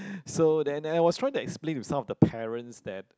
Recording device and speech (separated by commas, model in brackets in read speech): close-talking microphone, conversation in the same room